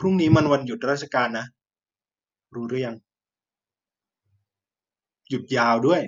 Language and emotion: Thai, neutral